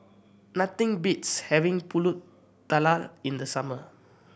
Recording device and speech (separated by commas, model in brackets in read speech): boundary microphone (BM630), read sentence